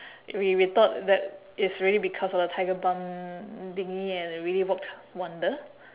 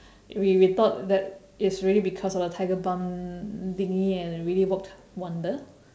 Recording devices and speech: telephone, standing microphone, conversation in separate rooms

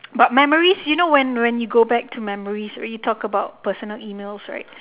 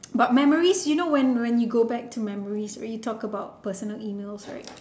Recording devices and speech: telephone, standing microphone, conversation in separate rooms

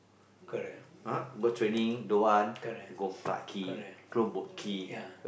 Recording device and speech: boundary microphone, conversation in the same room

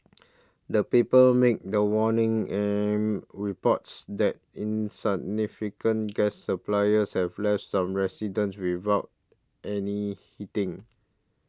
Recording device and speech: standing microphone (AKG C214), read sentence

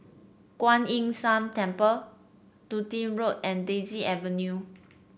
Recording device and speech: boundary microphone (BM630), read sentence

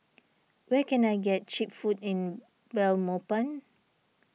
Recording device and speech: mobile phone (iPhone 6), read sentence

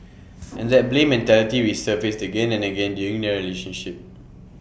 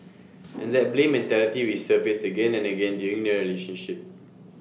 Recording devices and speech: boundary microphone (BM630), mobile phone (iPhone 6), read sentence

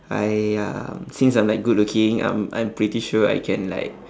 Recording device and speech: standing microphone, conversation in separate rooms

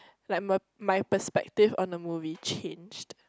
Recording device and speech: close-talking microphone, conversation in the same room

